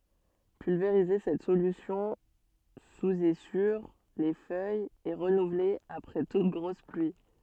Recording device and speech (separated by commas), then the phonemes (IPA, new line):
soft in-ear microphone, read sentence
pylveʁize sɛt solysjɔ̃ suz e syʁ le fœjz e ʁənuvle apʁɛ tut ɡʁos plyi